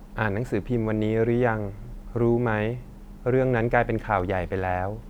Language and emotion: Thai, neutral